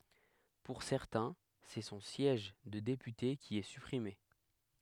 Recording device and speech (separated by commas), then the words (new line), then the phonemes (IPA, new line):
headset microphone, read sentence
Pour certains, c'est son siège de député qui est supprimé.
puʁ sɛʁtɛ̃ sɛ sɔ̃ sjɛʒ də depyte ki ɛ sypʁime